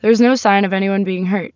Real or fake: real